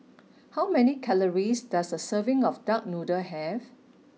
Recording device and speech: mobile phone (iPhone 6), read sentence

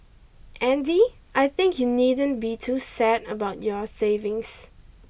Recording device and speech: boundary microphone (BM630), read sentence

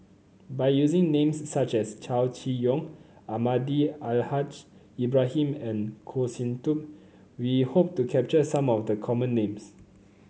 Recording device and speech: mobile phone (Samsung C9), read sentence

